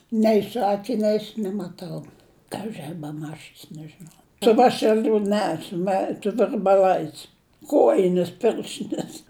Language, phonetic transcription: Lithuanian, nei su akiˈniais nemaˈtau kaži a beˈmačis nežiˈnau su ˈvašeliu ˈne su ˈme su virbaˈlais ˈkojines ˈpirštines

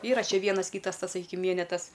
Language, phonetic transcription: Lithuanian, ˈyra ˈčia ˈvienas ˈkytas ˈtas saˈkykim ˈvienetas

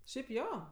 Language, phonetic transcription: Lithuanian, šiaip ˈjo

